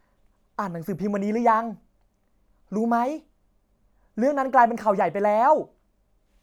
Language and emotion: Thai, happy